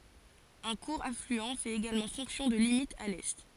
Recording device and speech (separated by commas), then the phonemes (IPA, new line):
forehead accelerometer, read sentence
œ̃ kuʁ aflyɑ̃ fɛt eɡalmɑ̃ fɔ̃ksjɔ̃ də limit a lɛ